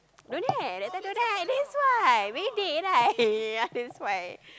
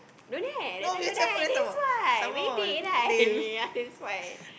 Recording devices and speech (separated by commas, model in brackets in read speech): close-talking microphone, boundary microphone, conversation in the same room